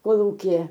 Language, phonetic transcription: Lithuanian, koˈlūkije

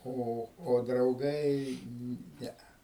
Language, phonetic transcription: Lithuanian, ˈo o drauˈgai ˈnea

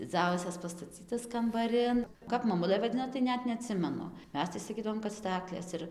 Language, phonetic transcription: Lithuanian, dziˈdzausias pastaˈcytas kambaˈrin ˈkap maˈmulɘ vaˈdino tai ˈnet neaˈtsimenu ˈmes tai saˈkydavom kad ˈstaklės ir

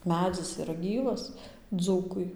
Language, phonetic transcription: Lithuanian, ˈmedzis iˈra ˈgyvas ˈdzūkui

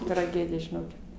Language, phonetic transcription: Lithuanian, traˈgedija žiˈnokit

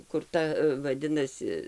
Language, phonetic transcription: Lithuanian, kur ˈta vaˈdinasi

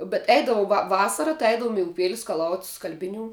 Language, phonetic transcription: Lithuanian, bet ˈeidavu va ˈvasara tai ˈeidavom i uˈpėli skaˈlaut' ˈskalbiˌnių

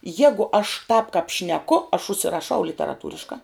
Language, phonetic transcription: Lithuanian, ˈjegu aš tāp kap šneˈku aš užsiraˈšau literaˈtūriška

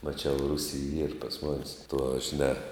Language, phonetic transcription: Lithuanian, maˈčiau ˈrusy yr pas ˈmonės tuo žiˈne

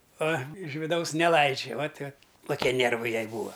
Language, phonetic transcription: Lithuanian, a iš viˈdaus neˈlaidžia vat vat koˈkie ˈnėrvai ˈjai ˈbūva

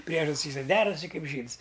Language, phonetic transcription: Lithuanian, ˈpriežad's' y sak ˈderasi ˈkaip ˈžyds

